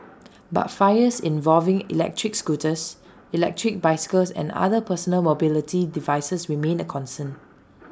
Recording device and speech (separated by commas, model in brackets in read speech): standing microphone (AKG C214), read sentence